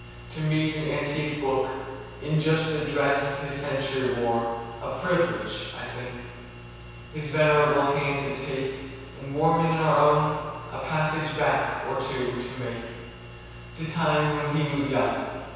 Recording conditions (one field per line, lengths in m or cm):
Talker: one person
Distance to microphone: 7.1 m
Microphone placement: far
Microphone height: 1.7 m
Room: very reverberant, large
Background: none